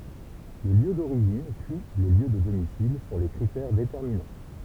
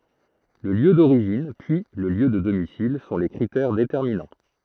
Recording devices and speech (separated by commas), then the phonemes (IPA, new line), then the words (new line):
temple vibration pickup, throat microphone, read sentence
lə ljø doʁiʒin pyi lə ljø də domisil sɔ̃ le kʁitɛʁ detɛʁminɑ̃
Le lieu d'origine puis le lieu de domicile sont les critères déterminants.